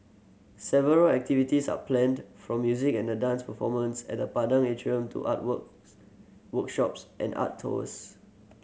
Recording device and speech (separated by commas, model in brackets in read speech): mobile phone (Samsung C7100), read sentence